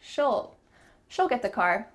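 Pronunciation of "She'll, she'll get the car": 'She'll' is said in a relaxed, natural way, with an ul sound rather than the full pronoun 'she'.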